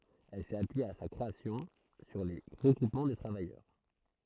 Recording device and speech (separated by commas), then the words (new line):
throat microphone, read sentence
Elle s’est appuyée à sa création sur les regroupements de travailleurs.